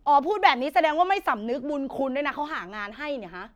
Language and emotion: Thai, angry